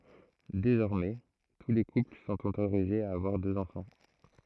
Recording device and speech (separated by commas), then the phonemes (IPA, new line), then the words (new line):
throat microphone, read sentence
dezɔʁmɛ tu le kupl sɔ̃t otoʁizez a avwaʁ døz ɑ̃fɑ̃
Désormais, tous les couples sont autorisés à avoir deux enfants.